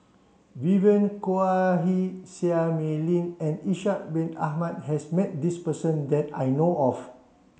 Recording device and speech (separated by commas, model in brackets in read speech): mobile phone (Samsung C7), read sentence